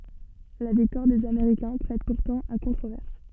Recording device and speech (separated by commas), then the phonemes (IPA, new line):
soft in-ear microphone, read sentence
la viktwaʁ dez ameʁikɛ̃ pʁɛt puʁtɑ̃ a kɔ̃tʁovɛʁs